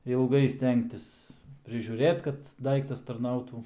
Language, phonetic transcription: Lithuanian, ilˈgai ˈstengtis prižiūˈrėt kad ˈdaiktas tarˈnautų

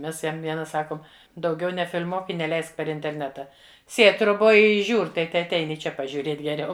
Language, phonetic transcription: Lithuanian, ˈmes ˈjam ˈviena ˈsakom dauˈgiau nefil'ˈmuok i neˈleisk per interˈneta ˈsėd' troˈboj ˈi ˈžiūr' ˈtai teatˈein i ˈčia pažiūˈrėt' geˈriau

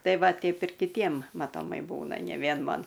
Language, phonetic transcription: Lithuanian, ˈtai ˈva ˈteip ir kiˈtiem matoˈmai ˈbūna ne ˈvien ˈman

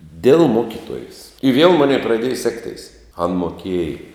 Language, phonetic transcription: Lithuanian, dėl ˈmokituojės i viel ˈmonei praˈdėja ˈsekteis an moˈkiej

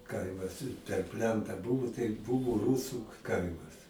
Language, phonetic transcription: Lithuanian, ˈkaimas per ˈplentą ˈbuvo tai ˈbuvo ˈrūsu ˈkaimas

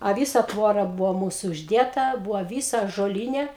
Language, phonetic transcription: Lithuanian, a ˈvysa ˈtvora ˈbuvo ˈmūsu užˈdėta ˈbuvo ˈvysa ąžoˈlyne

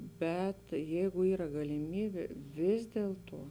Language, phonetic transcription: Lithuanian, ˈbet ˈjeigu ˈyra galiˈmybė ˈvis dieltuo

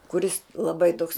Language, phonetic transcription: Lithuanian, kuˈris laˈbai toks

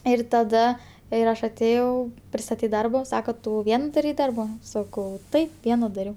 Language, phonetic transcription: Lithuanian, ˈir taˈda ir ˈaš atˈėjau pristaˈtyt ˈdarbo ˈsako ˈtu ˈvien daˈrei ˈdarba ˈsakau ˈtaip ˈviena daˈriau

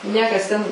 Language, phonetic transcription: Lithuanian, ˈniekas ten

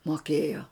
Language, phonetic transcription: Lithuanian, moˈkėjo

